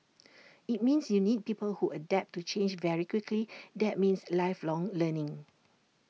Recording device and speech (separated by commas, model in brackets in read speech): mobile phone (iPhone 6), read sentence